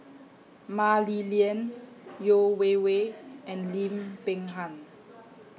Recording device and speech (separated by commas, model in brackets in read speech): mobile phone (iPhone 6), read sentence